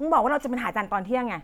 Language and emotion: Thai, angry